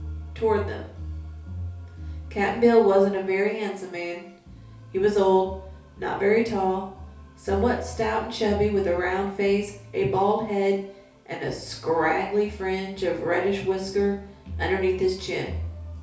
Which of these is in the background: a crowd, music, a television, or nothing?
Music.